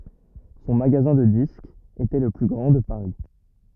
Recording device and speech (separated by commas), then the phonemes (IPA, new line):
rigid in-ear microphone, read sentence
sɔ̃ maɡazɛ̃ də diskz etɛ lə ply ɡʁɑ̃ də paʁi